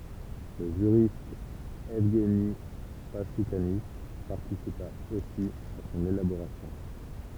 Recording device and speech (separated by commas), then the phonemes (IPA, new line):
temple vibration pickup, read sentence
lə ʒyʁist ɛvɡni paʃukani paʁtisipa osi a sɔ̃n elaboʁasjɔ̃